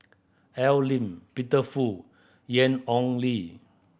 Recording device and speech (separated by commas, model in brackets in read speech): boundary microphone (BM630), read sentence